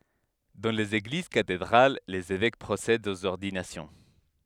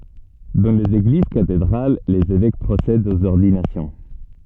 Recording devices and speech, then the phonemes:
headset microphone, soft in-ear microphone, read sentence
dɑ̃ lez eɡliz katedʁal lez evɛk pʁosɛdt oz ɔʁdinasjɔ̃

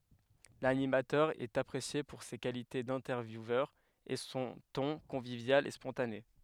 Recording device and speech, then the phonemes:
headset microphone, read sentence
lanimatœʁ ɛt apʁesje puʁ se kalite dɛ̃tɛʁvjuvœʁ e sɔ̃ tɔ̃ kɔ̃vivjal e spɔ̃tane

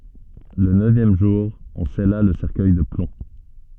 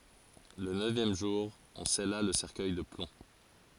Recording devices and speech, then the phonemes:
soft in-ear microphone, forehead accelerometer, read sentence
lə nøvjɛm ʒuʁ ɔ̃ sɛla lə sɛʁkœj də plɔ̃

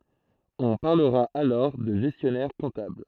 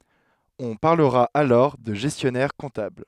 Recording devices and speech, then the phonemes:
throat microphone, headset microphone, read sentence
ɔ̃ paʁləʁa alɔʁ də ʒɛstjɔnɛʁ kɔ̃tabl

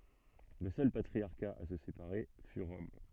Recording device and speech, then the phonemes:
soft in-ear microphone, read sentence
lə sœl patʁiaʁka a sə sepaʁe fy ʁɔm

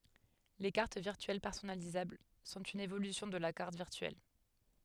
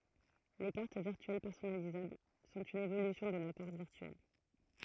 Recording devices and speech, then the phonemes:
headset microphone, throat microphone, read sentence
le kaʁt viʁtyɛl pɛʁsɔnalizabl sɔ̃t yn evolysjɔ̃ də la kaʁt viʁtyɛl

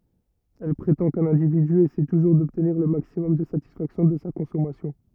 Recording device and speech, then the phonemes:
rigid in-ear microphone, read sentence
ɛl pʁetɑ̃ kœ̃n ɛ̃dividy esɛ tuʒuʁ dɔbtniʁ lə maksimɔm də satisfaksjɔ̃ də sa kɔ̃sɔmasjɔ̃

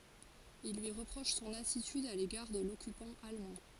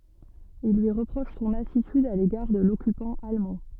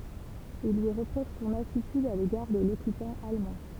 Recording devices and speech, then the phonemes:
forehead accelerometer, soft in-ear microphone, temple vibration pickup, read sentence
il lyi ʁəpʁoʃ sɔ̃n atityd a leɡaʁ də lɔkypɑ̃ almɑ̃

